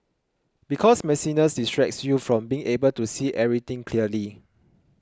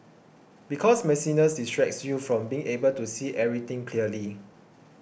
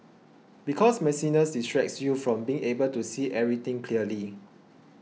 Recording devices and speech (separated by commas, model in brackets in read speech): close-talking microphone (WH20), boundary microphone (BM630), mobile phone (iPhone 6), read sentence